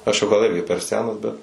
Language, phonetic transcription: Lithuanian, ˈaš jau gal ˈirgi per ˈsenas bet

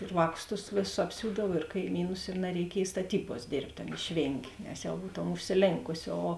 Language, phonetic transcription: Lithuanian, ir ˈvāˌkus tus ˈvėˌsus apˈsiūdav ir kaiˈmynus i nareiˈkiej staˈtybuos ˈdėrbt' ˈan išˈvėngė nes ˈjau ˈbūtom užsiˈlėnkusi o

